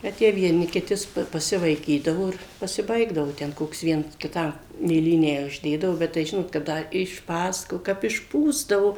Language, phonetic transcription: Lithuanian, ˈbet jie vieˈni kiˈti s pa pasivaiˈkydavo ˈir pasiˈbaigdavo ˈten ˈkoks ˈviens kiˈtam mėˈlynę užˈdėdavo ˈbet tai ˈžinot ka ˈda išˈpasako kap išˈpūsdavo

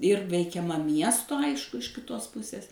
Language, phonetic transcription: Lithuanian, ir veikiaˈma ˈmiesto ˈaišku iš kiˈtos ˈpusės

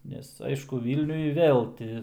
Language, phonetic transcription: Lithuanian, ˈnes ˈaišku ˈvylniuj ˈvėl ti

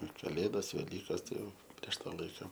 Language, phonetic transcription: Lithuanian, ir kaˈlėdas veˈlykas tai ˈjau ˈprieš ˈtą ˈlaika

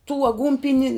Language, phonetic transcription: Lithuanian, tų aˈgūnpini

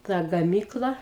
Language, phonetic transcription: Lithuanian, ˈta gaˈmykla

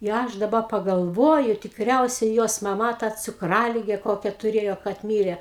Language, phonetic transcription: Lithuanian, i ˈaš daˈba pagalˈvoju tikˈriausia jos maˈma ta cukˈralige ˈkokia tuˈrėjo kad ˈmyre

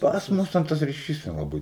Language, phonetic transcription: Lithuanian, ˈpas ˈmus ten ˈtas riˈšys nelaˈbɨi

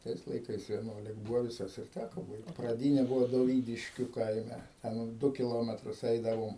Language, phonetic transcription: Lithuanian, ˈtais laiˈkais vieˈnuolik ˈbūvo viˈsas ir ˈtæko ˈbaigt praˈdyne ˈbuvo doˈvydiškiu ˈkaime ˈten ˈdu kiˈlometrus ˈeidavom

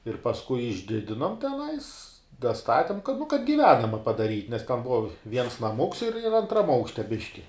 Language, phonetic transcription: Lithuanian, ir pasˈkui išˈdidinom teˈnais daˈstatim kad nu kad giˈvenama padaˈryt' nes ten ˈbuva ˈviens naˈmuks ir ir antˈram ˈaukšte ˈbiški

